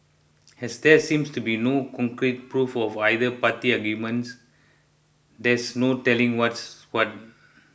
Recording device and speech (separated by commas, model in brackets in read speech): boundary microphone (BM630), read sentence